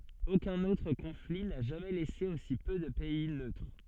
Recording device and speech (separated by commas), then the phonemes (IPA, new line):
soft in-ear microphone, read sentence
okœ̃n otʁ kɔ̃fli na ʒamɛ lɛse osi pø də pɛi nøtʁ